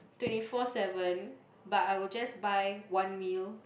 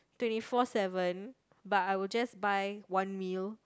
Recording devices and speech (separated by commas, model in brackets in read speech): boundary microphone, close-talking microphone, conversation in the same room